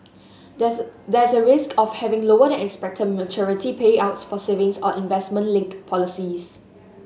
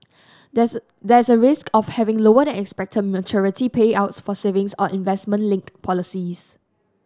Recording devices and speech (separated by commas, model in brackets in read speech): mobile phone (Samsung S8), standing microphone (AKG C214), read sentence